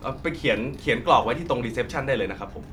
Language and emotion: Thai, neutral